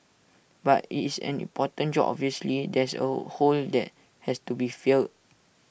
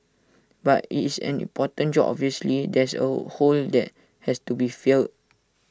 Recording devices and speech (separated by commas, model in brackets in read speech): boundary microphone (BM630), standing microphone (AKG C214), read sentence